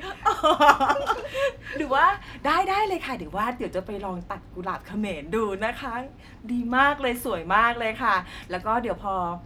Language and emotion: Thai, happy